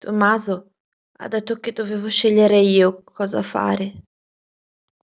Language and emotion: Italian, sad